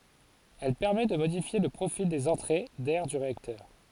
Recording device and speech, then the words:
forehead accelerometer, read sentence
Elle permettent de modifier le profil des entrées d'air du réacteur.

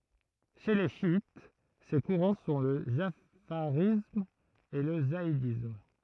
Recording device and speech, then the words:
throat microphone, read sentence
Chez les chiites, ces courants sont le jafarisme et le zaïdisme.

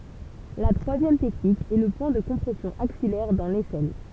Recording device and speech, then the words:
temple vibration pickup, read sentence
La troisième technique est le point de compression axillaire, dans l'aisselle.

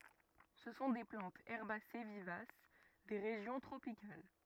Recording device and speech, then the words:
rigid in-ear microphone, read sentence
Ce sont des plantes herbacées vivaces des régions tropicales.

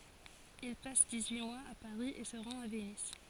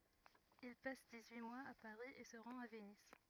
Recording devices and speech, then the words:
forehead accelerometer, rigid in-ear microphone, read sentence
Il passe dix-huit mois à Paris, et se rend à Venise.

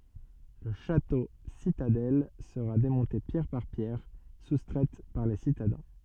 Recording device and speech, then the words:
soft in-ear microphone, read sentence
Le château-citadelle sera démonté pierre par pierre, soustraites par les citadins.

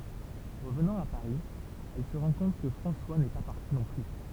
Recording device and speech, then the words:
temple vibration pickup, read sentence
Revenant à Paris, elle se rend compte que François n’est pas parti non plus.

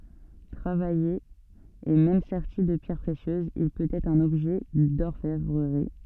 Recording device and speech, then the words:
soft in-ear microphone, read sentence
Travaillé et même serti de pierres précieuses, il peut être un objet d'orfèvrerie.

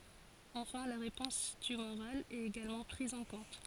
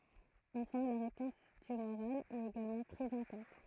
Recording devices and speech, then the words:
forehead accelerometer, throat microphone, read sentence
Enfin la réponse tumorale est également prise en compte.

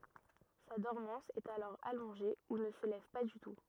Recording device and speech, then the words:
rigid in-ear microphone, read sentence
Sa dormance est alors allongée ou ne se lève pas du tout.

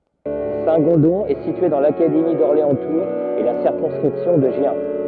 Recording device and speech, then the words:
rigid in-ear microphone, read sentence
Saint-Gondon est situé dans l'académie d'Orléans-Tours et la circonscription de Gien.

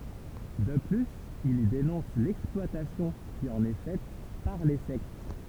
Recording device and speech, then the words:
temple vibration pickup, read sentence
De plus il y dénonce l'exploitation qui en est faite par les sectes.

